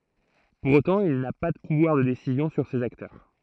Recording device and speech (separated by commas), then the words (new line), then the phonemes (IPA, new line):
throat microphone, read sentence
Pour autant, il n'a pas de pouvoir de décisions sur ces acteurs.
puʁ otɑ̃ il na pa də puvwaʁ də desizjɔ̃ syʁ sez aktœʁ